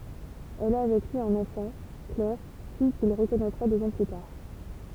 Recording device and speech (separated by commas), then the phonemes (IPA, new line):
temple vibration pickup, read sentence
ɛl a avɛk lyi œ̃n ɑ̃fɑ̃ klɛʁ fij kil ʁəkɔnɛtʁa døz ɑ̃ ply taʁ